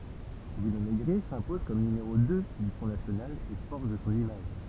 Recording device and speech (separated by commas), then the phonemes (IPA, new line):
temple vibration pickup, read sentence
bʁyno meɡʁɛ sɛ̃pɔz kɔm nymeʁo dø dy fʁɔ̃ nasjonal e fɔʁʒ sɔ̃n imaʒ